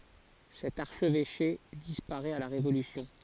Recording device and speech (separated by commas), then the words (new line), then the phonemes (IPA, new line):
forehead accelerometer, read sentence
Cet archevêché disparaît à la Révolution.
sɛt aʁʃvɛʃe dispaʁɛt a la ʁevolysjɔ̃